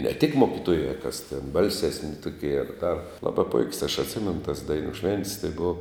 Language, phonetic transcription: Lithuanian, ne tik ˈmokitoja kas ten ˈbalsesni ˈtukie ar ˈdar ˈlaba puik's' aš atˈsimenu tas ˈdainu šven't's' tai ˈbova

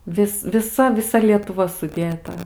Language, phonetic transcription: Lithuanian, ˈvis viˈsa viˈsa lietuˈva suˈdėta

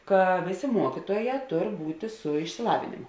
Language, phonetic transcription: Lithuanian, ˈka ˈvėˌsė ˈmuokituoˌjē ˈtor ˈbūtė su išsiˈlavėnėmo

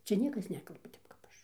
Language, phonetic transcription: Lithuanian, ˈcia ˈniekas ˈnekalba ˈtep kap ˈaš

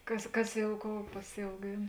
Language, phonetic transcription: Lithuanian, ˈkas ˈkas ˈjau ˈkou pasiauˈgėn

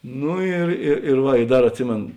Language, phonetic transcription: Lithuanian, ˈnu ir ir ir ˈva i ˈdar atˈsimėn

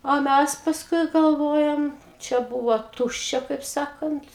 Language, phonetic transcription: Lithuanian, o ˈmæs pasˈkui galˈvojam ˈčia ˈbūvo ˈtuščia kaip ˈsakant

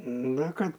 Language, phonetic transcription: Lithuanian, na ˈkad

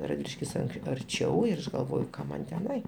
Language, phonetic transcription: Lithuanian, radˈviliškis ank arˈčiau ir ˈaš galˈvoju ˈkam man teˈnai

